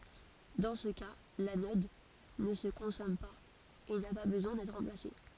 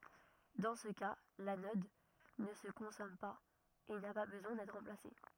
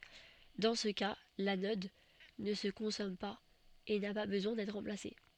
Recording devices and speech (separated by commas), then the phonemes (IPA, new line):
forehead accelerometer, rigid in-ear microphone, soft in-ear microphone, read sentence
dɑ̃ sə ka lanɔd nə sə kɔ̃sɔm paz e na pa bəzwɛ̃ dɛtʁ ʁɑ̃plase